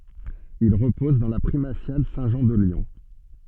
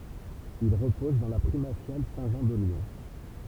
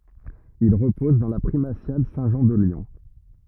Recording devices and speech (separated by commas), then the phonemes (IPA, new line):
soft in-ear microphone, temple vibration pickup, rigid in-ear microphone, read sentence
il ʁəpɔz dɑ̃ la pʁimasjal sɛ̃tʒɑ̃ də ljɔ̃